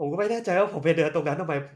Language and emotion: Thai, frustrated